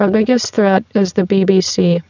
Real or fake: fake